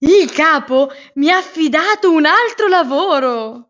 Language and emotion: Italian, surprised